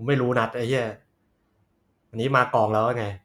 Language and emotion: Thai, frustrated